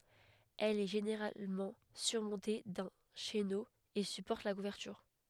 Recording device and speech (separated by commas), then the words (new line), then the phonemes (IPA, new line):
headset microphone, read sentence
Elle est généralement surmontée d'un chéneau et supporte la couverture.
ɛl ɛ ʒeneʁalmɑ̃ syʁmɔ̃te dœ̃ ʃeno e sypɔʁt la kuvɛʁtyʁ